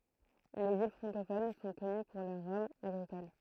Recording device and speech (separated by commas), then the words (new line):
throat microphone, read sentence
Les îles francophones sont connues pour leurs rhums agricoles.